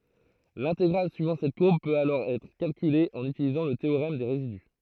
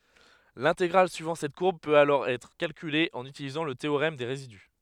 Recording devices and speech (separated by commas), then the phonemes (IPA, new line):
throat microphone, headset microphone, read sentence
lɛ̃teɡʁal syivɑ̃ sɛt kuʁb pøt alɔʁ ɛtʁ kalkyle ɑ̃n ytilizɑ̃ lə teoʁɛm de ʁezidy